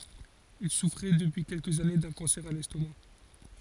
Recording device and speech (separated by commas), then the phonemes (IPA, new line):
forehead accelerometer, read sentence
il sufʁɛ dəpyi kɛlkəz ane dœ̃ kɑ̃sɛʁ a lɛstoma